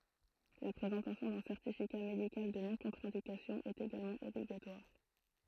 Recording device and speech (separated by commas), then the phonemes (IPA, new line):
throat microphone, read sentence
la pʁezɑ̃tasjɔ̃ dœ̃ sɛʁtifika medikal də nɔ̃kɔ̃tʁɛ̃dikasjɔ̃ ɛt eɡalmɑ̃ ɔbliɡatwaʁ